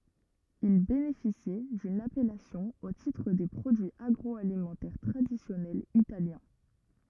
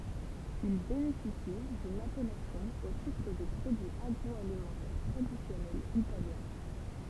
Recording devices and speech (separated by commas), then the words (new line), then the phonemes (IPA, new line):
rigid in-ear microphone, temple vibration pickup, read sentence
Il bénéficie d'une appellation au titre des produits agroalimentaires traditionnels italiens.
il benefisi dyn apɛlasjɔ̃ o titʁ de pʁodyiz aɡʁɔalimɑ̃tɛʁ tʁadisjɔnɛlz italjɛ̃